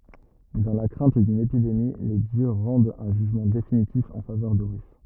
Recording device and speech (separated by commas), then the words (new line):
rigid in-ear microphone, read sentence
Dans la crainte d'une épidémie, les dieux rendent un jugement définitif en faveur d'Horus.